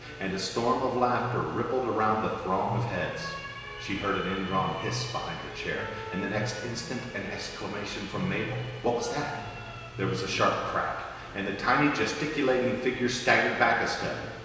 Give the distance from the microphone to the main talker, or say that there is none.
1.7 m.